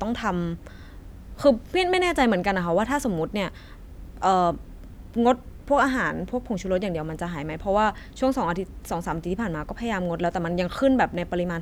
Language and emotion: Thai, frustrated